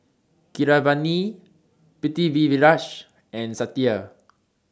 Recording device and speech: standing microphone (AKG C214), read sentence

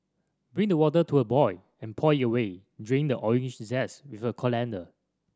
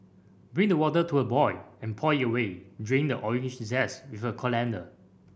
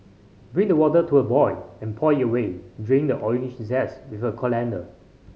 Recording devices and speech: standing microphone (AKG C214), boundary microphone (BM630), mobile phone (Samsung C5010), read sentence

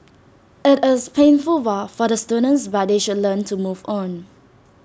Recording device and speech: standing microphone (AKG C214), read sentence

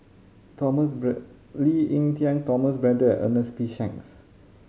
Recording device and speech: mobile phone (Samsung C5010), read sentence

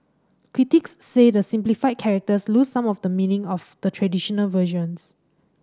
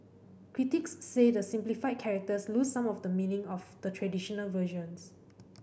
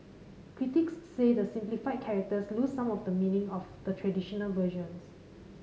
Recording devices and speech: standing microphone (AKG C214), boundary microphone (BM630), mobile phone (Samsung C5010), read sentence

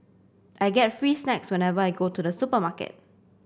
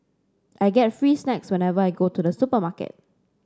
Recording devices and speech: boundary microphone (BM630), standing microphone (AKG C214), read sentence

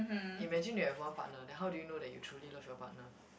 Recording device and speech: boundary microphone, conversation in the same room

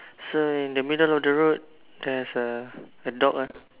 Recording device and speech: telephone, conversation in separate rooms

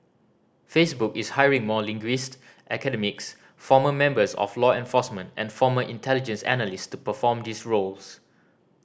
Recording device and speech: standing microphone (AKG C214), read sentence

